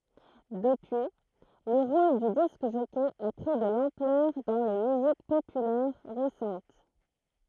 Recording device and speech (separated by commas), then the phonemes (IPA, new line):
throat microphone, read sentence
dəpyi lə ʁol dy disk ʒɔkɛ a pʁi də lɑ̃plœʁ dɑ̃ le myzik popylɛʁ ʁesɑ̃t